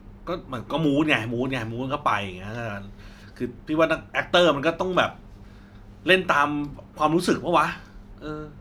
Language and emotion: Thai, frustrated